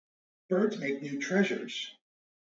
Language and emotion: English, fearful